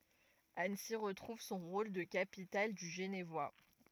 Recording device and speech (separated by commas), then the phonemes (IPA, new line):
rigid in-ear microphone, read sentence
ansi ʁətʁuv sɔ̃ ʁol də kapital dy ʒənvwa